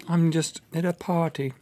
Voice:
fancy voice